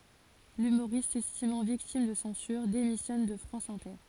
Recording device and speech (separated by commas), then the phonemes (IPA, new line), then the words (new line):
forehead accelerometer, read sentence
lymoʁist sɛstimɑ̃ viktim də sɑ̃syʁ demisjɔn də fʁɑ̃s ɛ̃tɛʁ
L'humoriste, s'estimant victime de censure, démissionne de France Inter.